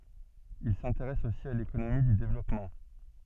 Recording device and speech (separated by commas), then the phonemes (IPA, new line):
soft in-ear microphone, read sentence
il sɛ̃teʁɛs osi a lekonomi dy devlɔpmɑ̃